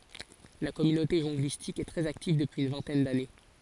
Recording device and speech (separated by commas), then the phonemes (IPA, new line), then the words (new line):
forehead accelerometer, read sentence
la kɔmynote ʒɔ̃ɡlistik ɛ tʁɛz aktiv dəpyiz yn vɛ̃tɛn dane
La communauté jonglistique est très active depuis une vingtaine d’années.